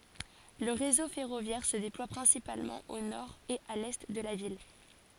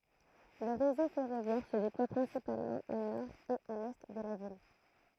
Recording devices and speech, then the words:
forehead accelerometer, throat microphone, read sentence
Le réseau ferroviaire se déploie principalement au nord et à l'est de la ville.

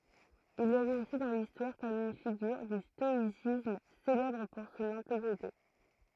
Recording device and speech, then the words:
throat microphone, read sentence
Il est resté dans l'histoire comme une figure du stoïcisme, célèbre pour son intégrité.

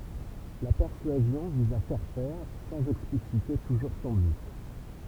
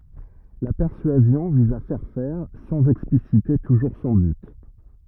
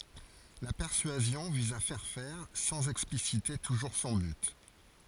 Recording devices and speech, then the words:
temple vibration pickup, rigid in-ear microphone, forehead accelerometer, read sentence
La persuasion vise à faire faire, sans expliciter toujours son but.

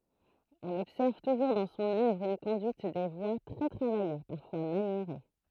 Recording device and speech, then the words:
throat microphone, read sentence
On observe toujours dans son œuvre une conduite des voix très travaillée, parfois maniérée.

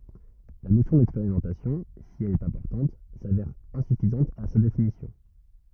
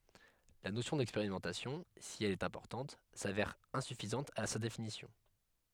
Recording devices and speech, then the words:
rigid in-ear microphone, headset microphone, read sentence
La notion d'expérimentation, si elle est importante, s'avère insuffisante à sa définition.

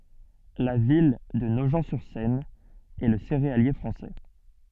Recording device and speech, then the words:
soft in-ear microphone, read sentence
La ville de Nogent-sur-Seine est le céréalier français.

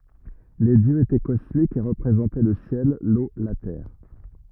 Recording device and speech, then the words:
rigid in-ear microphone, read sentence
Les dieux étaient cosmiques et représentaient le ciel, l’eau, la terre.

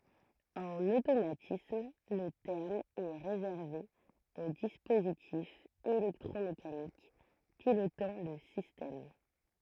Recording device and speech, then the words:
throat microphone, read sentence
En automatisme le terme est réservé aux dispositifs électromécaniques pilotant le système.

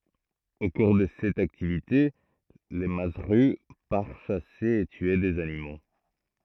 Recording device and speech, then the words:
throat microphone, read sentence
Au cours de cette activité, le mazzeru part chasser et tuer des animaux.

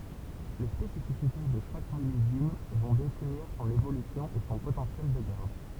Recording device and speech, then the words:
temple vibration pickup, read sentence
Les spécificités de chaque millésime vont définir son évolution et son potentiel de garde.

